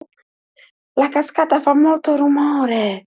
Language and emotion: Italian, surprised